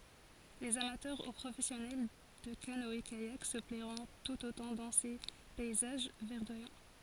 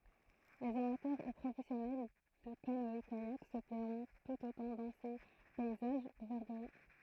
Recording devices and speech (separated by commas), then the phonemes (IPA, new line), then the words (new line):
forehead accelerometer, throat microphone, read sentence
lez amatœʁ u pʁofɛsjɔnɛl də kanɔɛkajak sə plɛʁɔ̃ tut otɑ̃ dɑ̃ se pɛizaʒ vɛʁdwajɑ̃
Les amateurs ou professionnels de canoë-kayak se plairont tout autant dans ces paysages verdoyants.